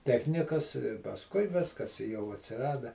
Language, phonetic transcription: Lithuanian, ˈtechnikas pasˈkui ˈviskas i jau atsiˈrada

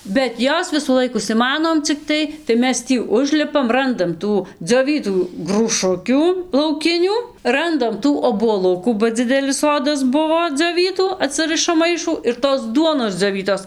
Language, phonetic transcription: Lithuanian, bet ˈjos visųˈlaik užsiˈmanom cikˈtai tai ˈmes ˈtį ˈužlipam ˈrandam ˈtų dzioˈvytų grūˈšukių lauˈkinių ˈrandam ˈtų obuoˈlukų ba ˈdzidelis ˈsodas ˈbuvo dzioˈvytų aˈtsɨrɨšam ˈmaišų ir tos ˈduonos dzioˈvytos

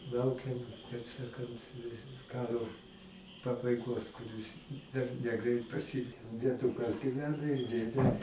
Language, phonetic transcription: Lithuanian, ˈlaukem kaip ˈsakant ˈkaro pabaiˈgos kuˈris dar neˈgreit praˈsi dieˈdukas gyˈvena ir ˈdėdė

